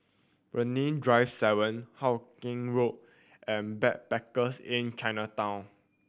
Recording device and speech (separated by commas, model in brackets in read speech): boundary microphone (BM630), read sentence